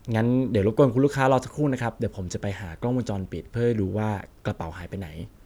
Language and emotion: Thai, neutral